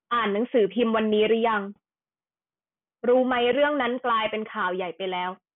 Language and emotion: Thai, angry